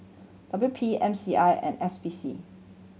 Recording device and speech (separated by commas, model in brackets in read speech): mobile phone (Samsung C7100), read sentence